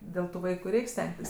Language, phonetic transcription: Lithuanian, ˈdėl tu ˈvaiku ˈreik' ˈstengtis

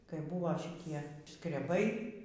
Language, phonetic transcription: Lithuanian, kai ˈbuvo šiˈtie skreˈbai

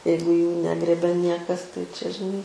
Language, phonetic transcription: Lithuanian, ˈjeigu jų ˈnegrėbia ˈniekas tai čia žiˈnai

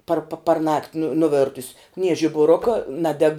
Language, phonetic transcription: Lithuanian, par pa parˈnakt' nu nuˈvėrtus' nie žibuˈruka ˈnadeg

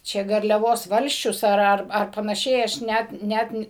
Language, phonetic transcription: Lithuanian, ˈčia garliaˈvos ˈvalsčius ˈar ˈar ar panaˈšiai ˈaš ˈnæt ˈnæt ni

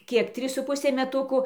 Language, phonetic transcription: Lithuanian, ˈkiek ˈtrys su ˈpusė meˈtuku

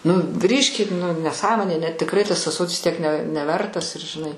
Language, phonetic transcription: Lithuanian, nu ˈgrįžkit nu neˈsąmonė ne tikˈrai tas ąˈsotis tiek ne neˈvertas ir žiˈnai

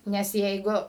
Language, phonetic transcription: Lithuanian, nes ˈjeigu

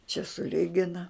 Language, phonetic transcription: Lithuanian, čia suˈligina

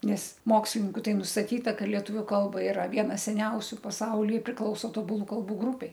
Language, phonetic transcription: Lithuanian, ˈnes ˈmokslininku ˈtai nustaˈtyta ˈka lieˈtuviu ˈkalba iˈra ˈviena seˈniausiu paˈsauly priˈklauso tobuˈlų kalˈbų ˈgrupei

